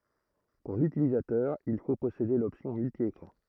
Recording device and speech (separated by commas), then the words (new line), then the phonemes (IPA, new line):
throat microphone, read sentence
Pour l'utilisateur il faut posséder l'option multi-écran.
puʁ lytilizatœʁ il fo pɔsede lɔpsjɔ̃ myltjekʁɑ̃